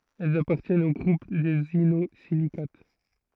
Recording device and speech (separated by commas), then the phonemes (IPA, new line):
throat microphone, read sentence
ɛlz apaʁtjɛnt o ɡʁup dez inozilikat